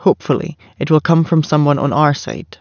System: none